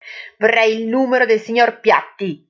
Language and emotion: Italian, angry